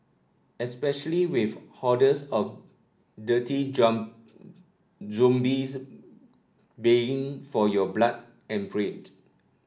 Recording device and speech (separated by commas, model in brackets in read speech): standing microphone (AKG C214), read sentence